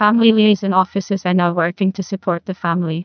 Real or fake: fake